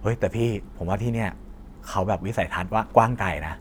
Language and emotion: Thai, neutral